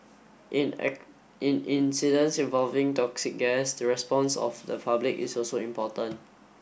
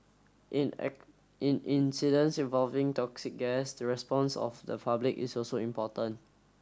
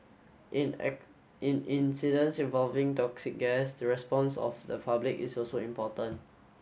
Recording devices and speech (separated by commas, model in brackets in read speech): boundary microphone (BM630), standing microphone (AKG C214), mobile phone (Samsung S8), read sentence